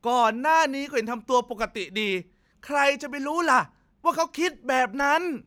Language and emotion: Thai, frustrated